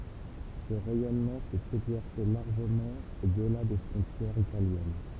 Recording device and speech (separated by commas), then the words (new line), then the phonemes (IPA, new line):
temple vibration pickup, read sentence
Ce rayonnement s'est exercé largement au-delà des frontières italiennes.
sə ʁɛjɔnmɑ̃ sɛt ɛɡzɛʁse laʁʒəmɑ̃ odla de fʁɔ̃tjɛʁz italjɛn